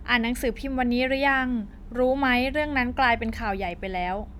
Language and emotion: Thai, neutral